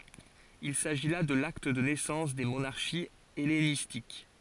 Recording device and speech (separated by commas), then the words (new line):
forehead accelerometer, read sentence
Il s'agit là de l'acte de naissance des monarchies hellénistiques.